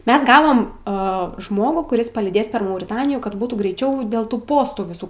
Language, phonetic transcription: Lithuanian, ˈmes ˈgavom a ˈžmogų kuˈris palyˈdės per mauriˈtanijų kad ˈbūtų greiˈčiau dėl ˈtų ˈpostų viˈsų

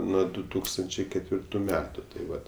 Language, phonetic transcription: Lithuanian, ˈnuo du ˈtūkstančiai ketˈvirtu ˈmetu tai ˈvat

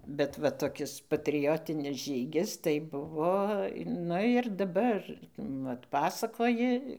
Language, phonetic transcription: Lithuanian, bet ˈva toˈkis patriˈjotinis ˈžygis tai ˈbuvo ˈnu ir daˈbar ˈvat ˈpasakoji

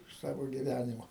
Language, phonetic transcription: Lithuanian, iš ˈsavo giˈvænimo

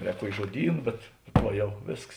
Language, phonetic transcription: Lithuanian, ˈrēk ˈkuoki žuoˈdyn bet ˈva ˈjau ˈvėsks

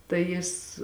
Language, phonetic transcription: Lithuanian, tai ˈjis

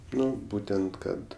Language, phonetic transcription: Lithuanian, ˈnu ˈbūtent ˈkad

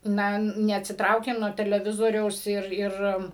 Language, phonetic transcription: Lithuanian, ˈna neatsiˈtraukėm nuo teleˈvizoriaus ˈir ˈir

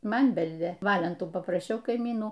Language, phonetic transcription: Lithuanian, ˈman ˈbeldė ˈvalentų papraˈšiau kaiˈmynų

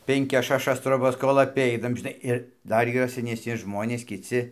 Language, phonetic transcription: Lithuanian, penˈkias šaˈšas troˈbas kol aˈpeinam žiˈnai ir ˈdar yˈra senesˈni ˈžmonės kiˈci

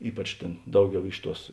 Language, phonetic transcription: Lithuanian, ˈypač ˈtėn ˈdauˌgiau ˈiš ˌtuos

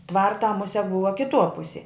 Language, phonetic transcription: Lithuanian, ˈtvartā ˈmusia ˈbuva kiˈtuo ˈpusė

